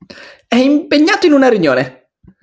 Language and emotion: Italian, happy